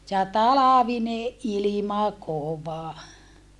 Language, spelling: Finnish, ja talvinen ilma kova
- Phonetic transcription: ja talavineʼ ʼilima kova .

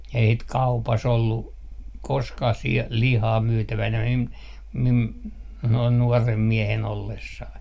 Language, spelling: Finnish, ei sitä kaupassa ollut koskaan - lihaa myytävänä minun minun noin nuorena miehenä ollessani
- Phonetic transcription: ei sit "kaupa's ‿ollu , "koskah 'si- , 'lihaa 'myytävänä mim , mim , noin 'nuɔrem 'miehen 'ollessai .

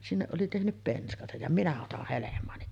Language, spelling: Finnish, sinne oli tehnyt penskansa ja minä otan helmaani
- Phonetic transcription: 'sinneˀ ˀoli tehnyp 'penskasaj ja 'minä otah 'helem̀aani .

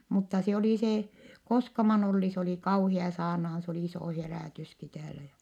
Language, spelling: Finnish, mutta se oli se Koskaman Olli se oli kauhea saarnaamaan se oli iso herätyskin täällä ja
- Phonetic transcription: mutta se oli se , Koskaman‿ Olli se oli kauhia saarnahan s ‿oli isò herä̀tyski täälä jä ,.

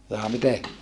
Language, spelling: Finnish, jaa miten
- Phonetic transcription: jaa mite ?

